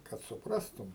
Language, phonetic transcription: Lithuanian, kad suˈprastum

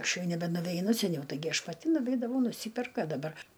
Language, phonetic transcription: Lithuanian, ˈaš ˈjau nebenuveiˈnu seˈniau taiˈgi ˈaš paˈti nuˈveidavau nuˈsyperk a daˈbar

